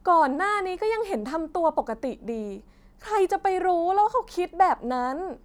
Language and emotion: Thai, frustrated